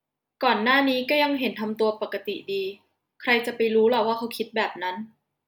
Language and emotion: Thai, neutral